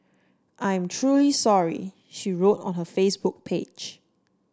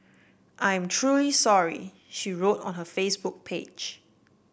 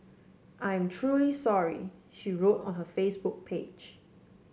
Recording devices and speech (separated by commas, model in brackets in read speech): standing microphone (AKG C214), boundary microphone (BM630), mobile phone (Samsung C7), read sentence